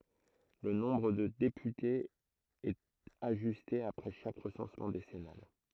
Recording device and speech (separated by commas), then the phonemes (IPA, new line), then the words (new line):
throat microphone, read sentence
lə nɔ̃bʁ də depytez ɛt aʒyste apʁɛ ʃak ʁəsɑ̃smɑ̃ desɛnal
Le nombre de députés est ajusté après chaque recensement décennal.